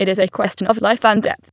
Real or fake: fake